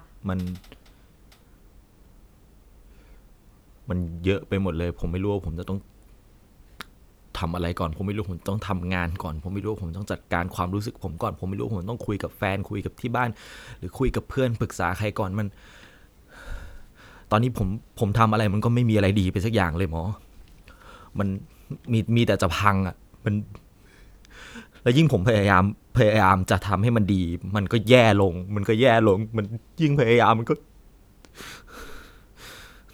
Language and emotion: Thai, sad